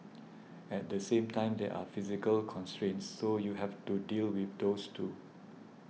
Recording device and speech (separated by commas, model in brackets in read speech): mobile phone (iPhone 6), read sentence